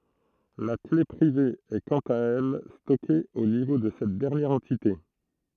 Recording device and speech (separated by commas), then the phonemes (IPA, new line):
throat microphone, read sentence
la kle pʁive ɛ kɑ̃t a ɛl stɔke o nivo də sɛt dɛʁnjɛʁ ɑ̃tite